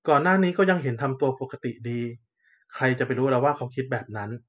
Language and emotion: Thai, neutral